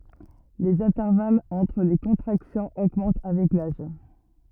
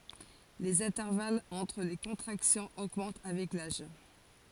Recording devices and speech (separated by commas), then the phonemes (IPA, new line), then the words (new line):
rigid in-ear microphone, forehead accelerometer, read sentence
lez ɛ̃tɛʁvalz ɑ̃tʁ le kɔ̃tʁaksjɔ̃z oɡmɑ̃t avɛk laʒ
Les intervalles entre les contractions augmentent avec l'âge.